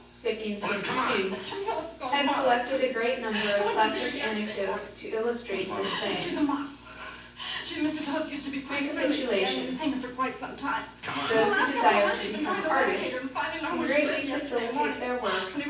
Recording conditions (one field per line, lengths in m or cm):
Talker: one person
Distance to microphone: 9.8 m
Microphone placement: far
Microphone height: 1.8 m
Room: large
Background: television